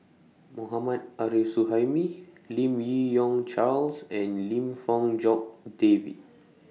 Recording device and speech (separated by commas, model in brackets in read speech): mobile phone (iPhone 6), read sentence